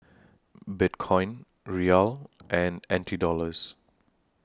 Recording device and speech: standing microphone (AKG C214), read sentence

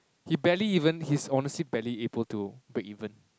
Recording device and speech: close-talking microphone, conversation in the same room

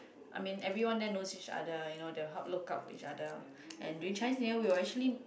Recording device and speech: boundary microphone, conversation in the same room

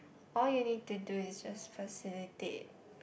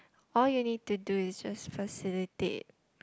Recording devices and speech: boundary microphone, close-talking microphone, conversation in the same room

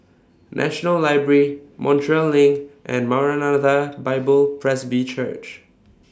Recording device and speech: standing microphone (AKG C214), read sentence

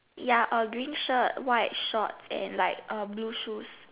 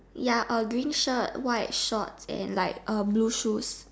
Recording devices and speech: telephone, standing microphone, conversation in separate rooms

